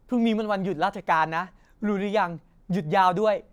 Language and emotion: Thai, happy